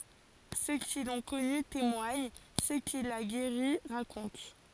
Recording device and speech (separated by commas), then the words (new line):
forehead accelerometer, read sentence
Ceux qui l'ont connu témoignent, ceux qu'il a guéris racontent.